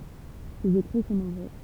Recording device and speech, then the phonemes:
temple vibration pickup, read sentence
sez ekʁi sɔ̃ nɔ̃bʁø

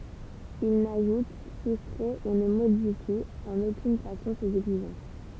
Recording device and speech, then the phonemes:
temple vibration pickup, read sentence
il naʒut sustʁɛ u nə modifi ɑ̃n okyn fasɔ̃ sez ɛɡziʒɑ̃s

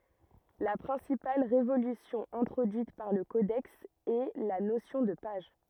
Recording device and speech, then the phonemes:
rigid in-ear microphone, read sentence
la pʁɛ̃sipal ʁevolysjɔ̃ ɛ̃tʁodyit paʁ lə kodɛks ɛ la nosjɔ̃ də paʒ

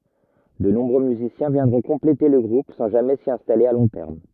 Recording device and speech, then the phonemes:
rigid in-ear microphone, read sentence
də nɔ̃bʁø myzisjɛ̃ vjɛ̃dʁɔ̃ kɔ̃plete lə ɡʁup sɑ̃ ʒamɛ si ɛ̃stale a lɔ̃ tɛʁm

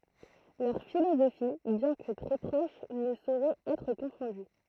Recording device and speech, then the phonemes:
throat microphone, read sentence
lœʁ filozofi bjɛ̃ kə tʁɛ pʁoʃ nə soʁɛt ɛtʁ kɔ̃fɔ̃dy

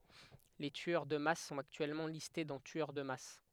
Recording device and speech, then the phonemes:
headset microphone, read sentence
le tyœʁ də mas sɔ̃t aktyɛlmɑ̃ liste dɑ̃ tyœʁ də mas

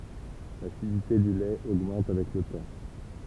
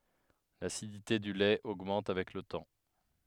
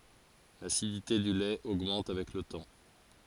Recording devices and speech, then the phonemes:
temple vibration pickup, headset microphone, forehead accelerometer, read sentence
lasidite dy lɛt oɡmɑ̃t avɛk lə tɑ̃

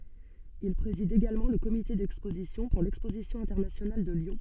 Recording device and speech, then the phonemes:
soft in-ear microphone, read sentence
il pʁezid eɡalmɑ̃ lə komite dɛkspozisjɔ̃ puʁ lɛkspozisjɔ̃ ɛ̃tɛʁnasjonal də ljɔ̃

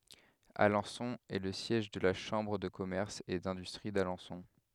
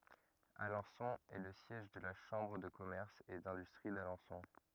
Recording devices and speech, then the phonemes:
headset microphone, rigid in-ear microphone, read sentence
alɑ̃sɔ̃ ɛ lə sjɛʒ də la ʃɑ̃bʁ də kɔmɛʁs e dɛ̃dystʁi dalɑ̃sɔ̃

